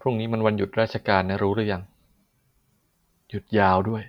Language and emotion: Thai, neutral